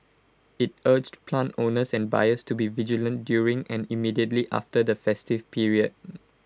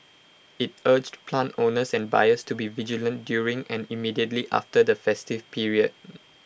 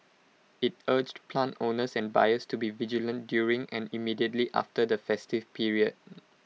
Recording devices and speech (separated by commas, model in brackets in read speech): close-talking microphone (WH20), boundary microphone (BM630), mobile phone (iPhone 6), read sentence